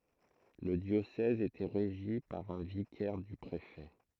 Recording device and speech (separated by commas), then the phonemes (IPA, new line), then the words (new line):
throat microphone, read sentence
lə djosɛz etɛ ʁeʒi paʁ œ̃ vikɛʁ dy pʁefɛ
Le diocèse était régi par un vicaire du préfet.